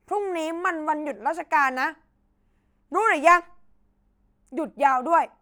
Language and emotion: Thai, angry